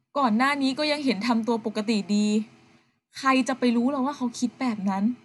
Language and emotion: Thai, frustrated